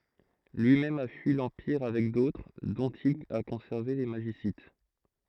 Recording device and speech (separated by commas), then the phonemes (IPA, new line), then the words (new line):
throat microphone, read sentence
lyimɛm a fyi lɑ̃piʁ avɛk dotʁ dɔ̃t il a kɔ̃sɛʁve le maʒisit
Lui-même a fui l’Empire avec d’autres, dont il a conservé les Magicites.